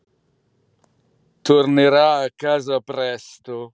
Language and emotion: Italian, disgusted